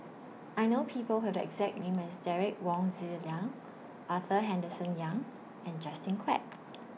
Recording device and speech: mobile phone (iPhone 6), read sentence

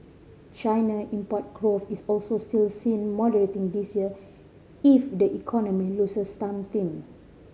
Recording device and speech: mobile phone (Samsung C5010), read sentence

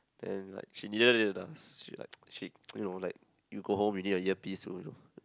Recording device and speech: close-talking microphone, conversation in the same room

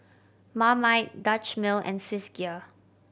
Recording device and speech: boundary microphone (BM630), read sentence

